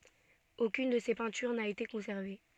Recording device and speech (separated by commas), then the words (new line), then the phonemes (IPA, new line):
soft in-ear microphone, read sentence
Aucune de ses peintures n'a été conservée.
okyn də se pɛ̃tyʁ na ete kɔ̃sɛʁve